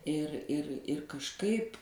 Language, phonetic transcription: Lithuanian, ir ir ir kažˈkaip

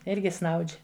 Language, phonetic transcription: Lithuanian, ˈirgi snaudž'

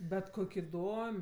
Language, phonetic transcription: Lithuanian, bet ˈkok' iˈdom'

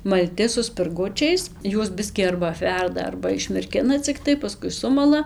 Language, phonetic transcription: Lithuanian, malˈti su spirˈgučiais ˈjuos ˈbiskį arba apˈverda arba išmirˈkina cikˈtai paˈskui ˈsumala

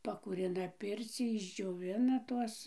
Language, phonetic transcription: Lithuanian, pakūˈrina ˈpircį išdžioˈvina ˈtuos

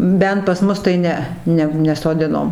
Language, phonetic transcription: Lithuanian, ˈbent pas ˈmus tai ˈne ˈne nesoˈdinom

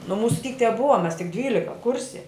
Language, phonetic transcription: Lithuanian, nu ˈmūsu tyk teˈbuva mes tik ˈdvylika ˈkurse

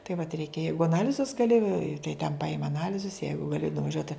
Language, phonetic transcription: Lithuanian, tai vat ˈreikia ˈjeigu aˈnalizus gaˈli tai ten paˈima aˈnalizus ˈjeigu gaˈli nuvaˈžiuot

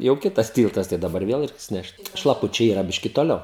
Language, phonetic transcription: Lithuanian, jau ˈkitas ˈtyltas tai daˈbar ˈvėl ˈreiks ˈnešt šlaˈpučiai yˈra ˈbiški toˈliau

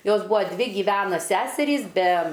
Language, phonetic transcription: Lithuanian, ˈjos ˈbua ˈdvi giˈvena ˈseserys be

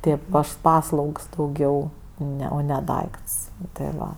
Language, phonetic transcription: Lithuanian, ˈtėp ˈaš ˈpaslaugs dauˈgiau ˈne o ne ˈdaikts ti ˈva

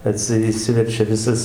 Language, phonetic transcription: Lithuanian, aˈtsi iˈšsiverčia ˈvisas

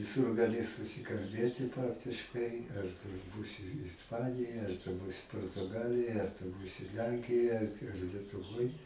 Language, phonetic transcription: Lithuanian, viˈsur gaˈli susikalˈbėti ˈpraktiškai ar tu ˈbūsi isˈpanijoj ar tu ˈbūsi portuˈgalijoj ar tu ˈbūsi ˈlenkijoj ar ar lietuˈvoj

